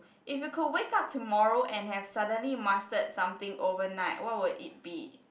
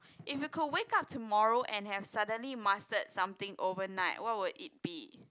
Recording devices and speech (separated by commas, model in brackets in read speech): boundary microphone, close-talking microphone, conversation in the same room